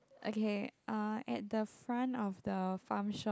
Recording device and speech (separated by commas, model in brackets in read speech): close-talking microphone, conversation in the same room